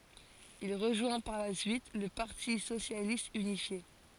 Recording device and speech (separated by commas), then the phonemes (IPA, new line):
forehead accelerometer, read sentence
il ʁəʒwɛ̃ paʁ la syit lə paʁti sosjalist ynifje